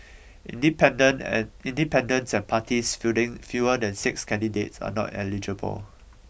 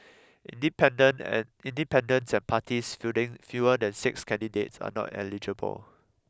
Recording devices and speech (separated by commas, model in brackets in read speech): boundary microphone (BM630), close-talking microphone (WH20), read sentence